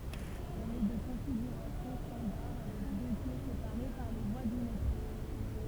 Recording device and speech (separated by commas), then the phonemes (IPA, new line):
temple vibration pickup, read sentence
ɛl ɛ də kɔ̃fiɡyʁasjɔ̃ stɑ̃daʁ avɛk dø kɛ sepaʁe paʁ le vwa dy metʁo